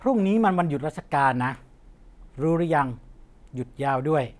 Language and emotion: Thai, neutral